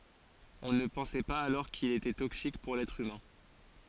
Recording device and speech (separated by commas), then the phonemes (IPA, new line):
forehead accelerometer, read sentence
ɔ̃ nə pɑ̃sɛ paz alɔʁ kil etɛ toksik puʁ lɛtʁ ymɛ̃